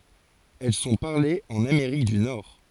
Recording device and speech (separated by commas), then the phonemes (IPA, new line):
forehead accelerometer, read sentence
ɛl sɔ̃ paʁlez ɑ̃n ameʁik dy nɔʁ